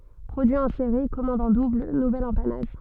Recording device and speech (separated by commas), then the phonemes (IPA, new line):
soft in-ear microphone, read sentence
pʁodyi ɑ̃ seʁi kɔmɑ̃d ɑ̃ dubl nuvɛl ɑ̃panaʒ